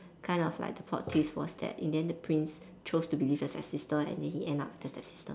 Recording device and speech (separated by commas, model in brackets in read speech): standing microphone, conversation in separate rooms